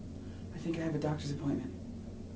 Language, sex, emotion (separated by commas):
English, male, neutral